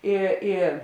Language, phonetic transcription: Lithuanian, ˈi i

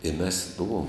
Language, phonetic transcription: Lithuanian, i mes ˈbuvom

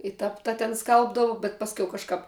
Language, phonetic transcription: Lithuanian, i ˈtap ˈta ten ˈskalbdavu bet ˈpasˌkiau ˈkažkap

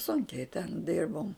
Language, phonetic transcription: Lithuanian, ˈsunkiai ten ˈdirbom

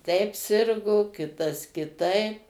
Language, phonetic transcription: Lithuanian, teip ˈsirgo ˈkitas kiˈtaip

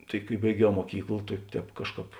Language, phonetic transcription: Lithuanian, tai kai baiˈgiau muoˈkykl tai ˈtēp ˈkažˌkāp

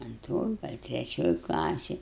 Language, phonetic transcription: Lithuanian, anˈtroj gal treˈčioj klaˈsėj

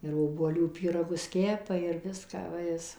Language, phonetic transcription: Lithuanian, ir obuoˈlių ˌpyraˈgus ˈkepa ir ˈviską ˈva ˈjis

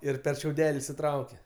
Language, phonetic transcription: Lithuanian, ˈir per šiauˈdeli išsiˈtraukia

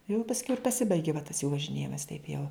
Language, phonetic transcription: Lithuanian, jau pasˈkiau ir paˈsibaigi va tas jų važiˈnėjimas taip jau

